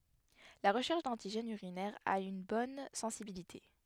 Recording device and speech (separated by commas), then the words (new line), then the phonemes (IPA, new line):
headset microphone, read sentence
La recherche d'antigènes urinaires a une bonne sensibilité.
la ʁəʃɛʁʃ dɑ̃tiʒɛnz yʁinɛʁz a yn bɔn sɑ̃sibilite